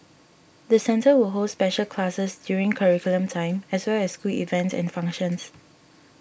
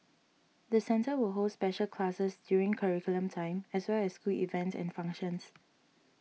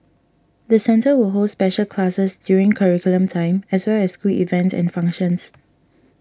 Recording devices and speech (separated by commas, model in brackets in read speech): boundary microphone (BM630), mobile phone (iPhone 6), standing microphone (AKG C214), read sentence